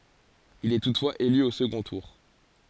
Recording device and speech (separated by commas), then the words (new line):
forehead accelerometer, read sentence
Il est toutefois élu au second tour.